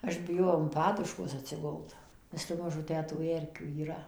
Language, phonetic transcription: Lithuanian, ˈaš biˈjojau an ˈpaduškos atsiˈgult nes te ˈmažu ˈtę tų ˈerkių yˈra

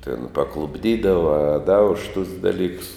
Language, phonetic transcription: Lithuanian, tin paklupˈdydava a da už tus daˈlyks

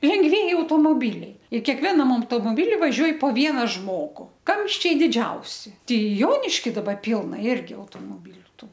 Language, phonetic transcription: Lithuanian, lengˈvieji automoˈbiliai ir kekˈvenam automoˈbili vaˈžiuoj po ˈviena ˈžmogu ˈkamščiai diˈdžiausi ˈtei ˈjoniški daˈba ˈpilna ˈirgi automoˈbyliu ˈtų

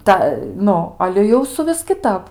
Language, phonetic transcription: Lithuanian, ˈta ˈnu ˈale jau suˈvis kiˈtap

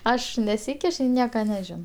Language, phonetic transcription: Lithuanian, ˈaš neˈsykiš ir ˈnieka neˈžino

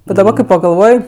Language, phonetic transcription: Lithuanian, bet daˈba kai pagalˈvoj

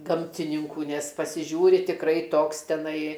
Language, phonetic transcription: Lithuanian, ˈgamtininkų nes pasiˈžiūri tikˈrai ˈtoks teˈnai

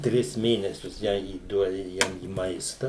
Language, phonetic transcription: Lithuanian, ˈtris ˈmėnesius ˈją įˈduodi ˈjam į ˈmaista

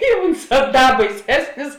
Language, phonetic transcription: Lithuanian, i ˈunˌsā ˈda baiˈsesnis

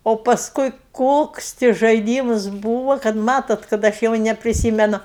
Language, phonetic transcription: Lithuanian, o pasˈkui ˈkoks ti žaiˈdymus ˈbūva kad ˈmatot kad ˈaš jau nepriˈsymenu

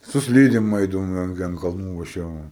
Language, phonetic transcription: Lithuanian, su ˈslydėm ˈaidavom i an ˈgi an kalˈnų va ˈše va

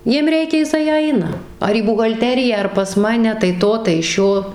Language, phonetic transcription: Lithuanian, ˈjiem ˈreikia jiˈsai ˈaina ar į buhalˈteriją ar pas ˈmane tai ˈto tai ˈšio

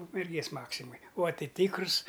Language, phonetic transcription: Lithuanian, ukmerˈgės ˈmaksimoj ua ˈtɨ ˈtikrus

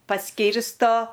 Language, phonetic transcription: Lithuanian, paˈskyrsto

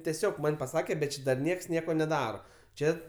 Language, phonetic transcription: Lithuanian, teˈsiog ˈman' paˈsake bet ˈči dar ˈnieks ˈnieko neˈdaro ˈčia

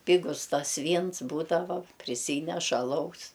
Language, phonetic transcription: Lithuanian, ˈpigus ˈtas ˈvyns ˈbūdava priˈsyneš aˈlaus

